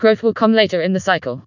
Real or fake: fake